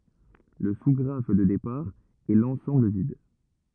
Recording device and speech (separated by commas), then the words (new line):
rigid in-ear microphone, read sentence
Le sous-graphe de départ est l'ensemble vide.